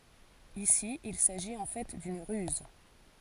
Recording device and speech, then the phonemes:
forehead accelerometer, read sentence
isi il saʒit ɑ̃ fɛ dyn ʁyz

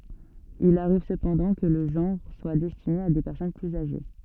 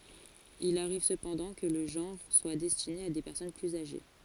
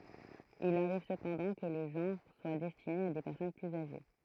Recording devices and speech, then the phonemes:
soft in-ear microphone, forehead accelerometer, throat microphone, read sentence
il aʁiv səpɑ̃dɑ̃ kə lə ʒɑ̃ʁ swa dɛstine a de pɛʁsɔn plyz aʒe

